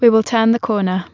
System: none